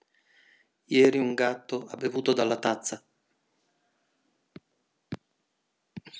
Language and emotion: Italian, neutral